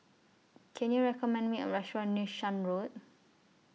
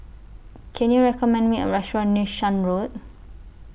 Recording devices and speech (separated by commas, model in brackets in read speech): mobile phone (iPhone 6), boundary microphone (BM630), read sentence